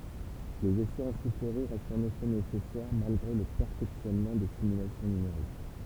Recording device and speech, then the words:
temple vibration pickup, read sentence
Les essais en soufflerie restent en effet nécessaires, malgré le perfectionnement des simulations numériques.

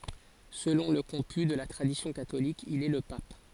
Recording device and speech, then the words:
forehead accelerometer, read sentence
Selon le comput de la tradition catholique, il est le pape.

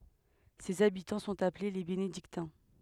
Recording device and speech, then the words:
headset microphone, read sentence
Ses habitants sont appelés les Bénédictins.

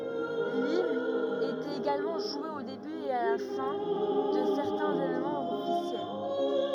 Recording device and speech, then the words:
rigid in-ear microphone, read sentence
L'hymne était également joué au début et la fin de certains événements officiels.

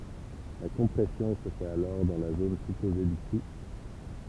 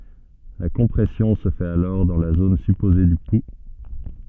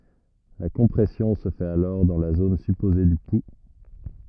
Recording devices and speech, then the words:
temple vibration pickup, soft in-ear microphone, rigid in-ear microphone, read sentence
La compression se fait alors dans la zone supposée du pouls.

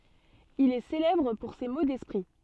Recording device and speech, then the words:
soft in-ear microphone, read sentence
Il est célèbre pour ses mots d'esprit.

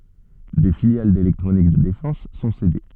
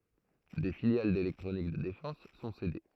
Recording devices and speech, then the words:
soft in-ear microphone, throat microphone, read sentence
Des filiales d’électronique de défense sont cédées.

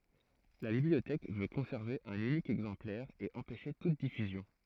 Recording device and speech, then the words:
throat microphone, read sentence
La bibliothèque veut conserver un unique exemplaire et empêcher toute diffusion.

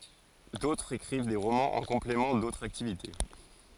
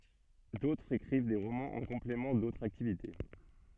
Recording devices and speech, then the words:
forehead accelerometer, soft in-ear microphone, read sentence
D'autres écrivent des romans en complément d'autres activités.

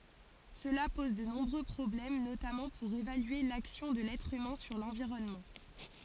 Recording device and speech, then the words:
forehead accelerometer, read sentence
Cela pose de nombreux problèmes, notamment pour évaluer l'action de l'être humain sur l'environnement.

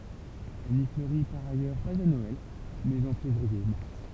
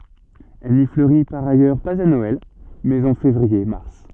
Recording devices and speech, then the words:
temple vibration pickup, soft in-ear microphone, read sentence
Elle n'y fleurit par ailleurs pas à Noël, mais en février-mars.

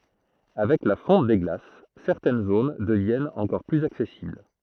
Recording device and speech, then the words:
throat microphone, read sentence
Avec la fonte des glaces, certaines zones deviennent encore plus accessibles.

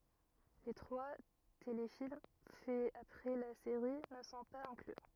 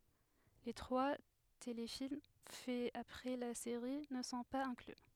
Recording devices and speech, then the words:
rigid in-ear microphone, headset microphone, read sentence
Les trois téléfilms faits après la série ne sont pas inclus.

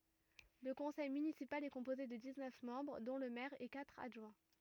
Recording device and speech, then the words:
rigid in-ear microphone, read sentence
Le conseil municipal est composé de dix-neuf membres dont le maire et quatre adjoints.

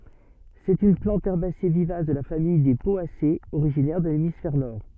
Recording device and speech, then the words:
soft in-ear microphone, read sentence
C'est une plante herbacée vivace de la famille des Poacées, originaire de l'hémisphère Nord.

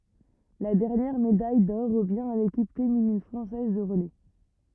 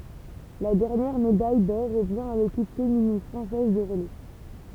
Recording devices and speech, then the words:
rigid in-ear microphone, temple vibration pickup, read sentence
La dernière médaille d'or revient à l'équipe féminine française de relais.

